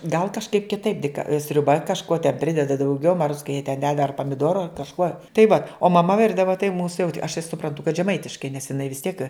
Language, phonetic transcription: Lithuanian, gal kažˈkaip kiˈtaip dik sriuˈba kažˈkuo ten ˈprideda dauˈgiau ma ruods ka jie ten ded ar pamiˈduoro ar kažˈkuo tai va o maˈma ˈvirdava tai mūs jau aš tai supranˈtu kad žeˈmaitiškai nes iˈnai vis tiek

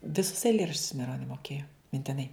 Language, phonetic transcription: Lithuanian, viˈsus eiˈlėraščius maiˈronio moˈkėjo mintiˈnai

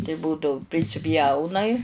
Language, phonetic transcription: Lithuanian, tai ˈbūdau prisiˈpjaunai

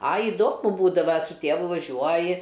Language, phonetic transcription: Lithuanian, a iˈdomu ˈbūdava su ˈtėvu vaˈžiuoji

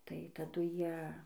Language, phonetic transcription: Lithuanian, tai taˈdu ˈjie

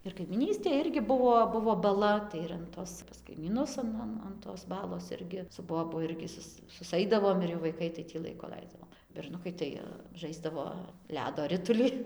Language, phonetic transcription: Lithuanian, ir kaimyˈnystėj ˈirgi ˈbuvo ˈbuvo baˈla tai ir an ˈtos pas kaimyˈnus an ˈan an tos ˈbalos ˈirgi su ˈbobu ˈirgi ˈsus susˈaidavom ir jau vaiˈkai tai ˈtį ˈlaiku ˈlaisdavom berˈnukai tai ˈžaisdavo ˈledo ˈrituli

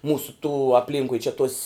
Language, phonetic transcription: Lithuanian, ˈmūsu tų apˈlynkui čia tos'

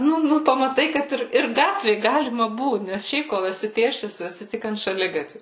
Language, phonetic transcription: Lithuanian, ˈnu ˈnu pamaˈtai kad ˈir ir ˈgatvė ˈgalima ˈbūt nes ˈšiaip kol eˈsi ˈpėsčias ˈtu eˈsi ˈtik ant šaˈligatviu

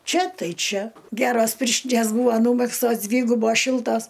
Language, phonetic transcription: Lithuanian, ˈčia ˈtai ˈčia ˈgeros ˈpirštinės ˈbūva ˈnūmegztos ˈdvygubos ˈšiltos

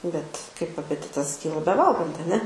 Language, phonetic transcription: Lithuanian, bet kaip apeˈtitas ˈkyla beˈvalgant aˈne

